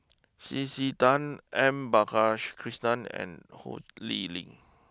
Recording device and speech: close-talking microphone (WH20), read sentence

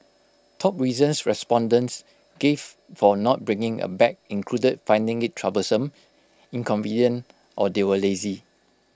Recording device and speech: close-talking microphone (WH20), read sentence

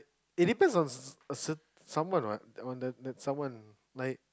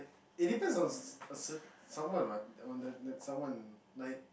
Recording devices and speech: close-talking microphone, boundary microphone, conversation in the same room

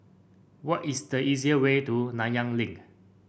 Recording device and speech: boundary microphone (BM630), read sentence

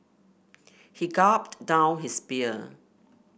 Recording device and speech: boundary microphone (BM630), read sentence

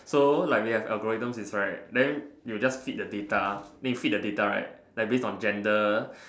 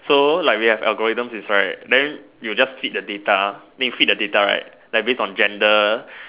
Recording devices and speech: standing microphone, telephone, conversation in separate rooms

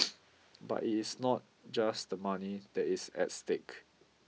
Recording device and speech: mobile phone (iPhone 6), read sentence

